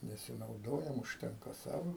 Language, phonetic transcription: Lithuanian, nesinauˈdojam užˈtenka ˈsavo

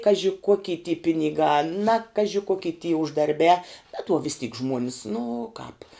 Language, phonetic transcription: Lithuanian, ˈkaži ˈkoky ty piniˈgā na ˈkaži ˈkoky ty uždarˈbiā bet uo vis tyk ˈžmuonis nu kāp

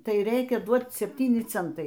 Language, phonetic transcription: Lithuanian, ˈtai ˈreikia ˈduoc sepˈtyni ˈcentai

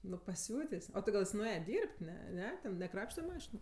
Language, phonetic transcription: Lithuanian, nu paˈsiutės' ˈo ti ˈgal ˈjis nuˈėje ˈdyrb't' ˈne ˈne ten neˈkrapšte ˈmašinu

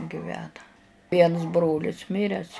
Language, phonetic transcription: Lithuanian, giˈvena ˈviens ˈbrolis ˈmires

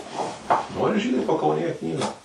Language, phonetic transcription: Lithuanian, ˈnori ˈžydai pakaunėˈje ˈknygą

